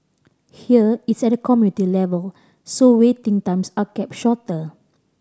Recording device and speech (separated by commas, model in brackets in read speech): standing microphone (AKG C214), read sentence